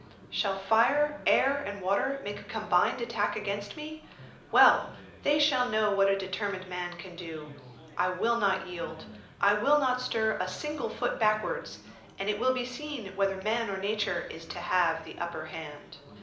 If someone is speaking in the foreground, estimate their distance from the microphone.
2.0 m.